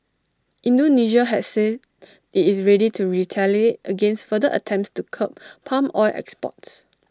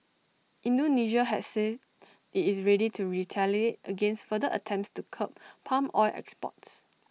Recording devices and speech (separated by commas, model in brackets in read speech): standing microphone (AKG C214), mobile phone (iPhone 6), read sentence